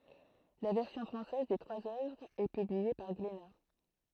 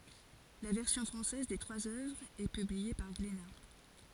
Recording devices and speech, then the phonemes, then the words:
throat microphone, forehead accelerometer, read sentence
la vɛʁsjɔ̃ fʁɑ̃sɛz de tʁwaz œvʁz ɛ pyblie paʁ ɡlena
La version française des trois œuvres est publiée par Glénat.

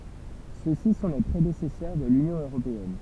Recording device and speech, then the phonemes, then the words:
temple vibration pickup, read sentence
søksi sɔ̃ le pʁedesɛsœʁ də lynjɔ̃ øʁopeɛn
Ceux-ci sont les prédécesseurs de l'Union européenne.

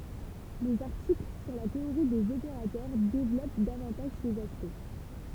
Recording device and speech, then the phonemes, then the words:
temple vibration pickup, read sentence
lez aʁtikl syʁ la teoʁi dez opeʁatœʁ devlɔp davɑ̃taʒ sez aspɛkt
Les articles sur la théorie des opérateurs développent davantage ces aspects.

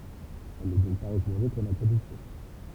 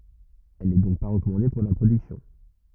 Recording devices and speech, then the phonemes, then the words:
temple vibration pickup, rigid in-ear microphone, read sentence
ɛl nɛ dɔ̃k pa ʁəkɔmɑ̃de puʁ la pʁodyksjɔ̃
Elle n'est donc pas recommandée pour la production.

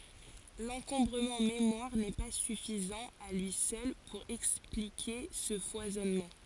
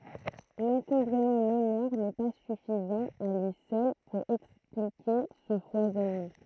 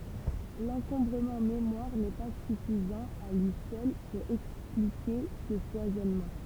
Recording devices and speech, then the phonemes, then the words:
forehead accelerometer, throat microphone, temple vibration pickup, read sentence
lɑ̃kɔ̃bʁəmɑ̃ memwaʁ nɛ pa syfizɑ̃ a lyi sœl puʁ ɛksplike sə fwazɔnmɑ̃
L'encombrement mémoire n'est pas suffisant à lui seul pour expliquer ce foisonnement.

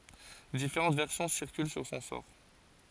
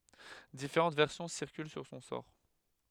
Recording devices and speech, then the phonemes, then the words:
forehead accelerometer, headset microphone, read sentence
difeʁɑ̃t vɛʁsjɔ̃ siʁkyl syʁ sɔ̃ sɔʁ
Différentes versions circulent sur son sort.

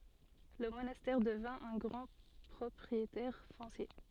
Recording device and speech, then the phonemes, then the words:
soft in-ear microphone, read sentence
lə monastɛʁ dəvɛ̃ œ̃ ɡʁɑ̃ pʁɔpʁietɛʁ fɔ̃sje
Le monastère devint un grand propriétaire foncier.

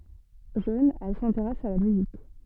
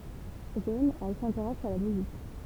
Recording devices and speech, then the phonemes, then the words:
soft in-ear microphone, temple vibration pickup, read sentence
ʒøn ɛl sɛ̃teʁɛs a la myzik
Jeune, elle s'intéresse à la musique.

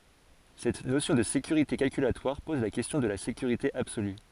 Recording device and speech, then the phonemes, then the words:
forehead accelerometer, read sentence
sɛt nosjɔ̃ də sekyʁite kalkylatwaʁ pɔz la kɛstjɔ̃ də la sekyʁite absoly
Cette notion de sécurité calculatoire pose la question de la sécurité absolue.

